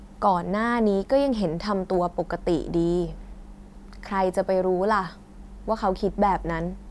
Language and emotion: Thai, frustrated